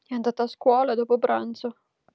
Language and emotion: Italian, sad